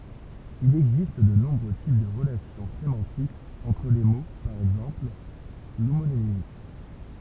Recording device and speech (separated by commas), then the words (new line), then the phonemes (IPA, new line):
temple vibration pickup, read sentence
Il existe de nombreux types de relations sémantiques entre les mots, par exemple, l'homonymie.
il ɛɡzist də nɔ̃bʁø tip də ʁəlasjɔ̃ semɑ̃tikz ɑ̃tʁ le mo paʁ ɛɡzɑ̃pl lomonimi